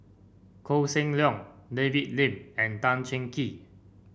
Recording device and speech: boundary microphone (BM630), read sentence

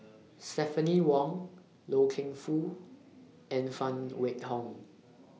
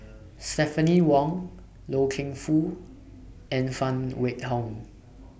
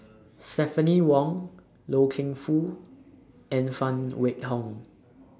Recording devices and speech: mobile phone (iPhone 6), boundary microphone (BM630), standing microphone (AKG C214), read sentence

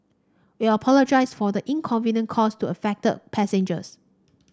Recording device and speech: standing microphone (AKG C214), read sentence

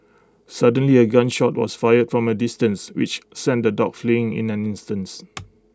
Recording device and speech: close-talking microphone (WH20), read sentence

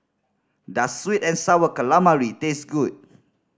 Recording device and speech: standing microphone (AKG C214), read sentence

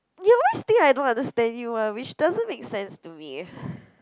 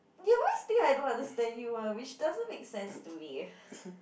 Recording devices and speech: close-talking microphone, boundary microphone, conversation in the same room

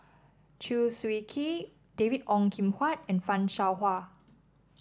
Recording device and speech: standing microphone (AKG C214), read sentence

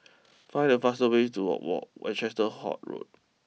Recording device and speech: mobile phone (iPhone 6), read sentence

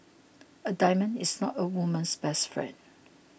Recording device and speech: boundary microphone (BM630), read sentence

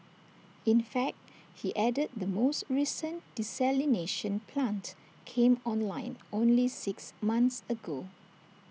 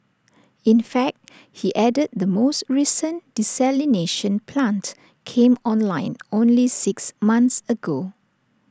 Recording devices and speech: mobile phone (iPhone 6), standing microphone (AKG C214), read sentence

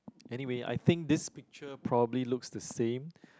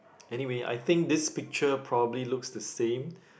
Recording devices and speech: close-talking microphone, boundary microphone, conversation in the same room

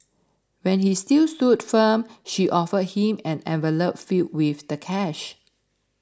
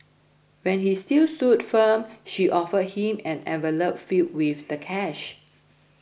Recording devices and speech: standing microphone (AKG C214), boundary microphone (BM630), read sentence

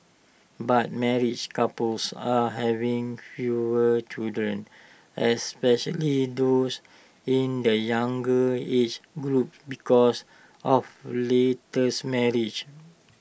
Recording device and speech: boundary microphone (BM630), read sentence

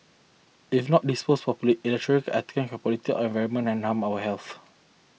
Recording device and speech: mobile phone (iPhone 6), read sentence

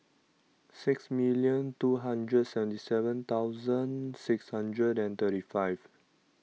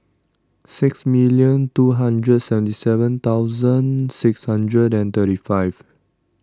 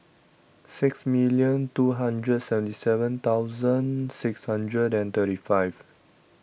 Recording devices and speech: mobile phone (iPhone 6), standing microphone (AKG C214), boundary microphone (BM630), read sentence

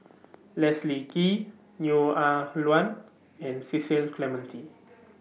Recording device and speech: mobile phone (iPhone 6), read sentence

